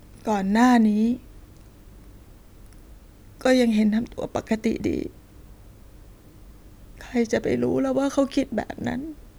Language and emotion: Thai, sad